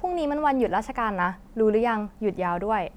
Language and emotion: Thai, neutral